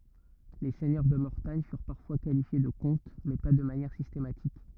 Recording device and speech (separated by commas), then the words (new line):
rigid in-ear microphone, read sentence
Les seigneurs de Mortagne furent parfois qualifiés de comtes, mais pas de manière systématique.